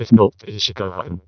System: VC, vocoder